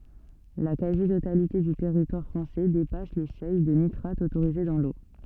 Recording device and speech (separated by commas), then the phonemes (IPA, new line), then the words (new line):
soft in-ear microphone, read sentence
la kazi totalite dy tɛʁitwaʁ fʁɑ̃sɛ depas le sœj də nitʁat otoʁize dɑ̃ lo
La quasi-totalité du territoire français dépasse les seuils de nitrate autorisés dans l'eau.